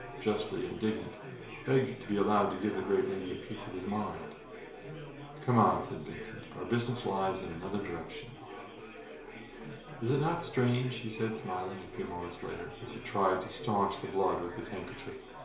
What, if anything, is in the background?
Crowd babble.